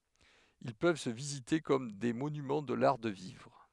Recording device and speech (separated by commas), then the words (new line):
headset microphone, read sentence
Ils peuvent se visiter comme des monuments de l'art de vivre.